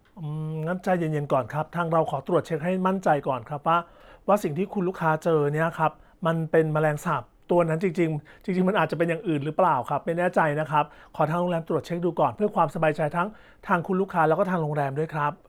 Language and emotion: Thai, sad